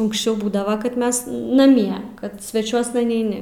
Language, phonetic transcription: Lithuanian, unksˈčiau ˈbūdava kad ˈmes naˈmie kad sveˈčiuosna neiˈni

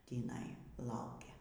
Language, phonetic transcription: Lithuanian, tįˈnai ˈlaukia

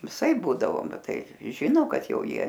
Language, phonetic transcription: Lithuanian, viˈsaip ˈbūdavo ˈbet ˈtai ˈžino ˈkad ˈjau ˈjie

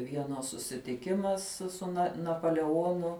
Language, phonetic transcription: Lithuanian, ˈvienas susitiˈkimas su su na napoleˈonu

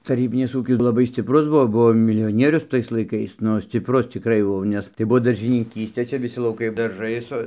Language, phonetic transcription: Lithuanian, taˈrybinis ˈūkis laˈbai scipˈrus ˈbuo ˈbuo milijoˈnierius ˈtais laiˈkais ˈnu scipˈrus cikˈrai jau ˈnes tai ˈbuvo daržiniˈkystė ˈčia viˈsi lauˈkai darˈžai su

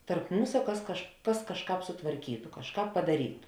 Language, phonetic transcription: Lithuanian, tarp ˈmūsa ˈkas kaž ˈkas kažˈkāp sutvarˈkytu kažˈkāp padaˈrytu

